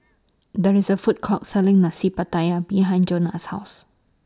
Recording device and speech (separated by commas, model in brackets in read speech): standing microphone (AKG C214), read sentence